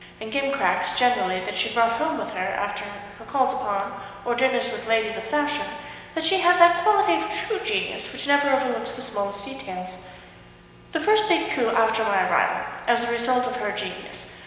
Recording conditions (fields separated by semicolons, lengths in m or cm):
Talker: one person; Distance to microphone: 1.7 m; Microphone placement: close; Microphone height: 1.0 m; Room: very reverberant, large; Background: none